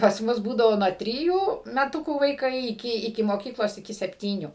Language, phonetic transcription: Lithuanian, pas ˈmus ˈbūdavo nuo ˈtrijų meˈtukų vaiˈkai iˈki iki moˈkyklos iˈki sepˈtynių

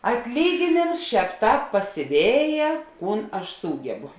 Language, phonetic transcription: Lithuanian, atˈlygėnėms ˈšēp ˈtāp pasiˈvėje ˈkūn aš ˈsūgebu

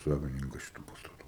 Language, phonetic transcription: Lithuanian, ˈsavininkas šiˈtų pastaˈtų

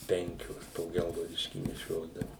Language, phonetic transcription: Lithuanian, ˈpenkios po ˈgelgaudiškį neˈšiodavu

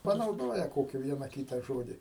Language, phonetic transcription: Lithuanian, panauˈdoja ˈkoki ˈviena ˈkyta ˈžodi

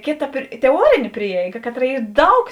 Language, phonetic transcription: Lithuanian, ˈkėˌta teˈuorėnė ˈprieiga ˈkaˌtra ˈy ˈdaug

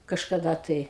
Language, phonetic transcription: Lithuanian, kažkaˈda tai

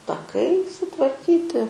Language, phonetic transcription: Lithuanian, taˈkai sutvarˈkyti

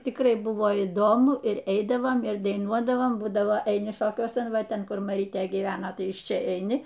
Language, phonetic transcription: Lithuanian, tikˈrai ˈbuvo įˈdomu ir ˈeidavom ir daiˈnuodavom ˈbūdavo eiˈni ˈšokiuosan ˈva ˈten ˈkur maˈrytė gyˈvena ˈtai iš ˈčia eiˈni

